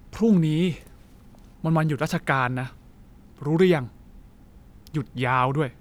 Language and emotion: Thai, frustrated